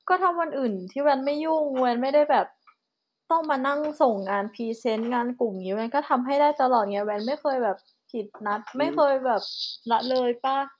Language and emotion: Thai, frustrated